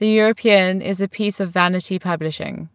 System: none